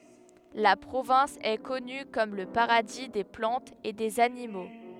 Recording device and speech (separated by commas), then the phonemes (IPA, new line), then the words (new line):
headset microphone, read sentence
la pʁovɛ̃s ɛ kɔny kɔm lə paʁadi de plɑ̃tz e dez animo
La province est connue comme le paradis des plantes et des animaux.